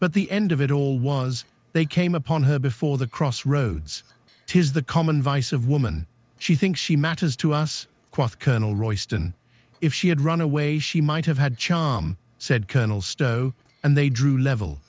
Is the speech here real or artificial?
artificial